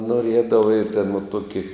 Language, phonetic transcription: Lithuanian, noˈriedava i tėn va ˈtuoki

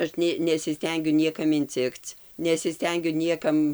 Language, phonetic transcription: Lithuanian, ˈaš nė nesiˈstengiu ˈniekam inˈcikc nesiˈstengiu ˈniekam

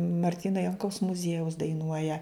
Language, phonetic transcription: Lithuanian, marˈtyno ˈjankaus muˈziejaus daiˈnuoja

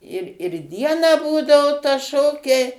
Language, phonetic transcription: Lithuanian, ir ir ˈdieną ˈbūdao ta ˈšokiai

